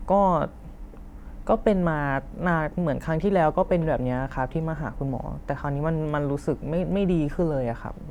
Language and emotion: Thai, frustrated